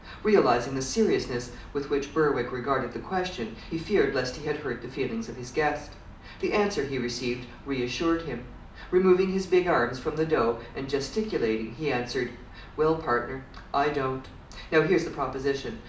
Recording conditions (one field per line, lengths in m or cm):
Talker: one person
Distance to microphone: 2.0 m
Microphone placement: close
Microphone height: 99 cm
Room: medium-sized (5.7 m by 4.0 m)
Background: none